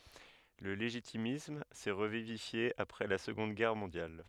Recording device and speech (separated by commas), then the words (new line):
headset microphone, read sentence
Le légitimisme s'est revivifié après la Seconde Guerre mondiale.